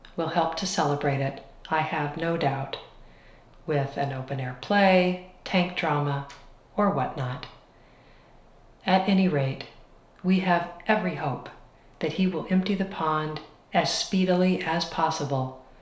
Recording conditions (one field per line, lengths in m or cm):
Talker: one person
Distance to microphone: 1.0 m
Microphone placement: close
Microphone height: 1.1 m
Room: small (3.7 m by 2.7 m)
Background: none